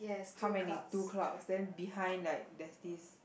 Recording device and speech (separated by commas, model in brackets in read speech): boundary microphone, conversation in the same room